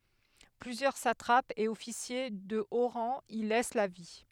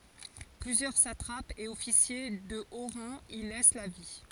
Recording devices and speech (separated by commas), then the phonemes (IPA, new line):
headset microphone, forehead accelerometer, read sentence
plyzjœʁ satʁapz e ɔfisje də o ʁɑ̃ i lɛs la vi